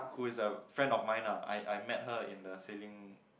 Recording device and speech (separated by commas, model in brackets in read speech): boundary microphone, conversation in the same room